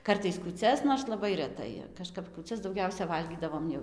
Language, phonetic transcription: Lithuanian, ˈkartais kūˈcias nors laˈbai reˈtai kaˈžkap kūˈcias dauˈgiausia ˈvalgydavom jau

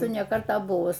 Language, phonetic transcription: Lithuanian, ir ne ˈkartą ˈbuvus

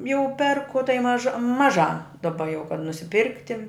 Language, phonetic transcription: Lithuanian, jau ˈperku tai ˈmaža maˈžā daˈba jau kad nusiˈpirkti

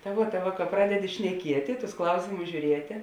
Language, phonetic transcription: Lithuanian, ta ˈvuo ta ˈva ka ˈpradedi šneˈkieti tus ˈklausėmus žiūˈrietė

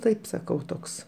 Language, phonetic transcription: Lithuanian, ˈtaip saˈkau ˈtoks

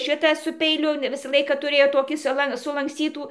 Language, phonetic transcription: Lithuanian, ˈšita su peiˈliu ˈvisa ˈlaika tuˈrėjo ˈtokį suˈlan sulanksˈcytų

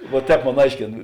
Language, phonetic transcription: Lithuanian, va ˈtēp ˈmon ˈaiškėn

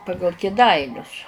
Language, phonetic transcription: Lithuanian, ˈpagal kėˈdainius

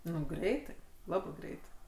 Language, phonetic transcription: Lithuanian, ˈnu ˈgreitai ˈlabɜ ˈgreitai

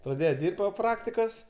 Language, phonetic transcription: Lithuanian, praˈdėje ˈdirbt' po ˈpraktikos

